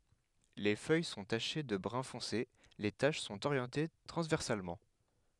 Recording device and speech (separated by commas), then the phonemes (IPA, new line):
headset microphone, read sentence
le fœj sɔ̃ taʃe də bʁœ̃ fɔ̃se le taʃ sɔ̃t oʁjɑ̃te tʁɑ̃zvɛʁsalmɑ̃